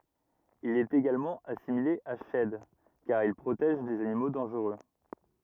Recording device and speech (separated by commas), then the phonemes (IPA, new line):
rigid in-ear microphone, read sentence
il ɛt eɡalmɑ̃ asimile a ʃɛd kaʁ il pʁotɛʒ dez animo dɑ̃ʒʁø